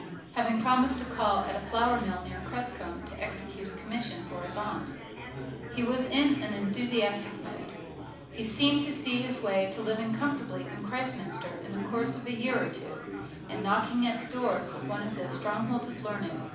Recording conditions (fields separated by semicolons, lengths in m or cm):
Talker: one person; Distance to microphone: 5.8 m; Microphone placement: far; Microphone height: 1.8 m; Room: medium-sized (5.7 m by 4.0 m); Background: babble